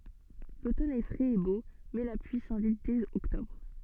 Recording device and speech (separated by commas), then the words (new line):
soft in-ear microphone, read sentence
L'automne est frais et beau, mais la pluie s'invite dès octobre.